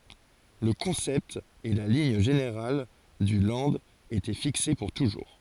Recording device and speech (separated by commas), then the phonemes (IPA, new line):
forehead accelerometer, read sentence
lə kɔ̃sɛpt e la liɲ ʒeneʁal dy lɑ̃d etɛ fikse puʁ tuʒuʁ